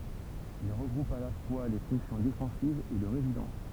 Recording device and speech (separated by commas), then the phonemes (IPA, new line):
temple vibration pickup, read sentence
il ʁəɡʁupt a la fwa le fɔ̃ksjɔ̃ defɑ̃sivz e də ʁezidɑ̃s